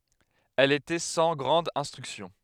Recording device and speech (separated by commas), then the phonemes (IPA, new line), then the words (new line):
headset microphone, read sentence
ɛl etɛ sɑ̃ ɡʁɑ̃d ɛ̃stʁyksjɔ̃
Elle était sans grande instruction.